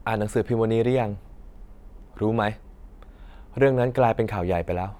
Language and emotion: Thai, neutral